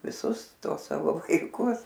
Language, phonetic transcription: Lithuanian, viˈsus ˈtuos ˈsavo vaiˈkus

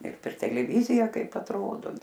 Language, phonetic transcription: Lithuanian, ir per teleˈvyzija ˈkaip atˈrodo

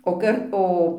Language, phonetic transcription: Lithuanian, o ˈkart ˈo

